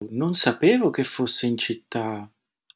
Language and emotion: Italian, surprised